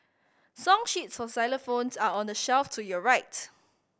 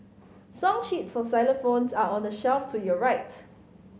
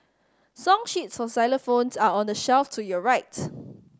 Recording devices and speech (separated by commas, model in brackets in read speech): boundary microphone (BM630), mobile phone (Samsung C5010), standing microphone (AKG C214), read sentence